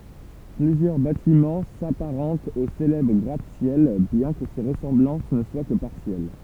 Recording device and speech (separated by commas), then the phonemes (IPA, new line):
temple vibration pickup, read sentence
plyzjœʁ batimɑ̃ sapaʁɑ̃tt o selɛbʁ ɡʁatəsjɛl bjɛ̃ kə se ʁəsɑ̃blɑ̃s nə swa kə paʁsjɛl